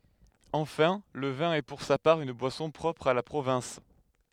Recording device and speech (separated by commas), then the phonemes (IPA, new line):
headset microphone, read sentence
ɑ̃fɛ̃ lə vɛ̃ ɛ puʁ sa paʁ yn bwasɔ̃ pʁɔpʁ a la pʁovɛ̃s